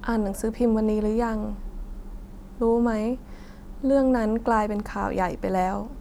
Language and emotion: Thai, sad